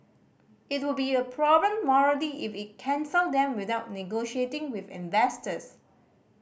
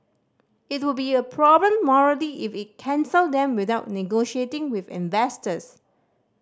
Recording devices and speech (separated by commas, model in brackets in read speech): boundary microphone (BM630), standing microphone (AKG C214), read sentence